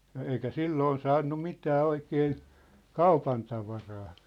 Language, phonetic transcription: Finnish, ja 'eikä "silloon 'saannu "mitää "oikeen̬ , "kaupantavaraa .
- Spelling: ja eikä silloin saanut mitään oikein kaupantavaraa

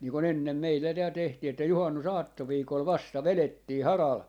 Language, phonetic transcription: Finnish, nii kon 'ennem 'meillä tääl tehtii että 'juhannus₍"aatto'viikol "vasta "velettii "haral , .
- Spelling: niin kun ennen meillä täällä tehtiin että juhannusaattoviikolla vasta vedettiin haralla

